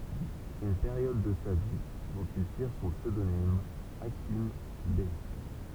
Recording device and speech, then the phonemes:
temple vibration pickup, read sentence
yn peʁjɔd də sa vi dɔ̃t il tiʁ sɔ̃ psødonim akim bɛ

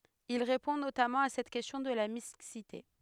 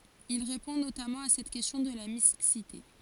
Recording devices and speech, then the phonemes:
headset microphone, forehead accelerometer, read sentence
il ʁepɔ̃ notamɑ̃ a sɛt kɛstjɔ̃ də la miksite

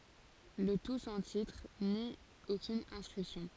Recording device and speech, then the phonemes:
forehead accelerometer, read sentence
lə tu sɑ̃ titʁ ni okyn ɛ̃skʁipsjɔ̃

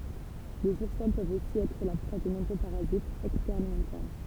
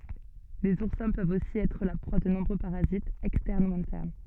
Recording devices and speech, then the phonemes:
temple vibration pickup, soft in-ear microphone, read sentence
lez uʁsɛ̃ pøvt osi ɛtʁ la pʁwa də nɔ̃bʁø paʁazitz ɛkstɛʁn u ɛ̃tɛʁn

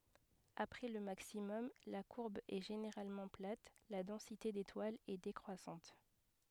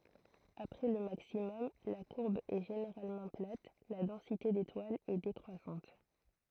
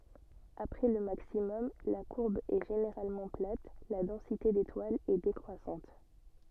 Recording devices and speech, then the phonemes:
headset microphone, throat microphone, soft in-ear microphone, read sentence
apʁɛ lə maksimɔm la kuʁb ɛ ʒeneʁalmɑ̃ plat la dɑ̃site detwalz ɛ dekʁwasɑ̃t

